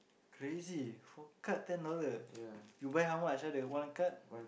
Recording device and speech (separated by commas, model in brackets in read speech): boundary microphone, conversation in the same room